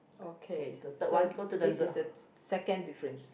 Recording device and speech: boundary microphone, conversation in the same room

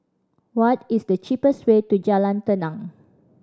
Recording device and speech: standing microphone (AKG C214), read sentence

